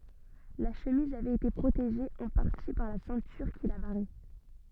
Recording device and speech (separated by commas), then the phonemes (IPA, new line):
soft in-ear microphone, read sentence
la ʃəmiz avɛt ete pʁoteʒe ɑ̃ paʁti paʁ la sɛ̃tyʁ ki la baʁɛ